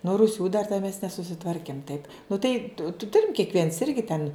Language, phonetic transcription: Lithuanian, nu ruˈsių dar te mes nesusiˈtvarkim taip nu tai tu ˈturim kiekˈviens ˈirgi ten

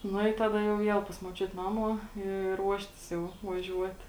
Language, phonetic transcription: Lithuanian, ˈnu i ˈtada jau ˈviel pas muoˈčiut ˈnamuo i ˈruoštis jau vaˈžiuot

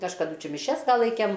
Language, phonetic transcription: Lithuanian, kažkaˈdu ˈčia miˈšias va ˈlaikem

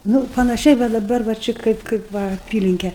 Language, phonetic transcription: Lithuanian, ˈnū panaˈšiai va daˈbar va ˈči ˈkaip kaip ˈva aˈpylinke

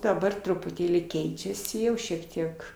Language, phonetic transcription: Lithuanian, daˈbar trupuˈtėlį ˈkeičiasi ˈjau šiek ˈtiek

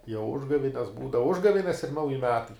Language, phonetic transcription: Lithuanian, jau ˈužgavines ˈbūdava ˈužgavines ir ˈnauji ˈmetai

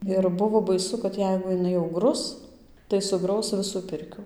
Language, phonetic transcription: Lithuanian, ir ˈbuvo baˈisu kad ˈjeigu jiˈnai jau ˈgrus tai suˈgraus ˈvisų ˈpirkių

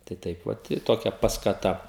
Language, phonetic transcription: Lithuanian, tai ˈtaip vat i ˈtokia paskaˈta

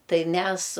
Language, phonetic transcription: Lithuanian, ˈtai ˈmes

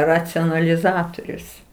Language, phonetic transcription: Lithuanian, racionaliˈzatorius

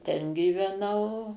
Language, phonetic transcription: Lithuanian, ˈten gyveˈnau

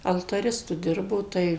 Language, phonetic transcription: Lithuanian, altaˈristu ˈdirbo ˈtai

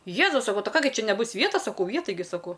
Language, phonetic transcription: Lithuanian, ˈjėzus saˈkau ˈtai ˈką gi ˈčia neˈbus ˈvietas saˈkau ˈje taiˈgi saˈkau

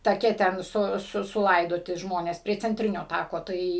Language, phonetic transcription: Lithuanian, taˈke ten ˈsu su suˈlaidoti ˈžmonės prie cenˈtrinio ˈtako ˈtai

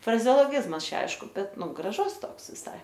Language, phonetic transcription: Lithuanian, frazeoloˈgizmas ˈčia ˈaišku ˈbet ˈnu graˈžus ˈtoks viˈsai

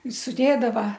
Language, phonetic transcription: Lithuanian, suˈdėdava

